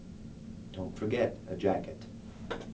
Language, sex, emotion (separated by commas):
English, male, neutral